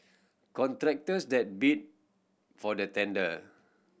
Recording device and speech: boundary microphone (BM630), read sentence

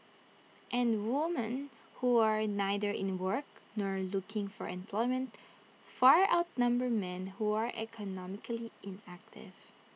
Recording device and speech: mobile phone (iPhone 6), read sentence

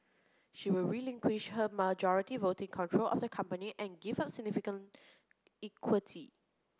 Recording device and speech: close-talking microphone (WH30), read sentence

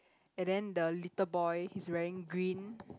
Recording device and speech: close-talking microphone, conversation in the same room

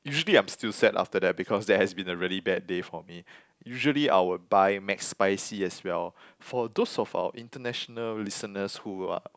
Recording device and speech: close-talking microphone, conversation in the same room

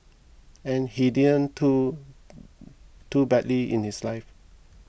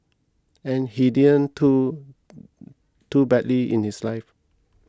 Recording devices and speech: boundary microphone (BM630), close-talking microphone (WH20), read sentence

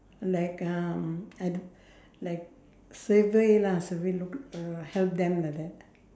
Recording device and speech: standing microphone, conversation in separate rooms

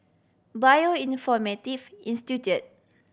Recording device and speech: boundary microphone (BM630), read sentence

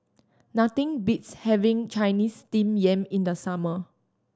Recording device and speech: standing microphone (AKG C214), read sentence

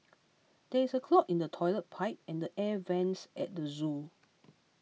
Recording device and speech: mobile phone (iPhone 6), read sentence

